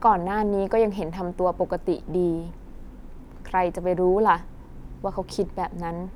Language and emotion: Thai, frustrated